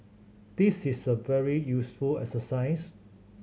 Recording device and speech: mobile phone (Samsung C7100), read sentence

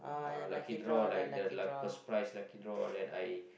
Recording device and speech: boundary microphone, conversation in the same room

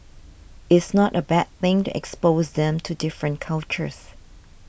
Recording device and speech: boundary microphone (BM630), read sentence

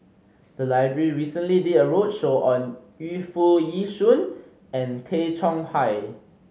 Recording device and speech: mobile phone (Samsung C5010), read sentence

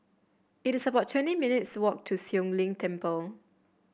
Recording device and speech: boundary microphone (BM630), read sentence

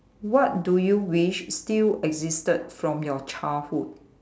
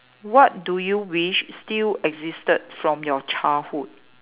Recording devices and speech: standing microphone, telephone, conversation in separate rooms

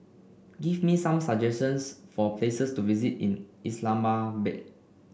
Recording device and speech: boundary microphone (BM630), read sentence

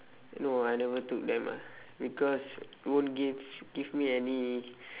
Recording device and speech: telephone, conversation in separate rooms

